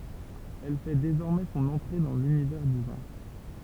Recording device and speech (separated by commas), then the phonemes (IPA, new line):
temple vibration pickup, read sentence
ɛl fɛ dezɔʁmɛ sɔ̃n ɑ̃tʁe dɑ̃ lynivɛʁ dy vɛ̃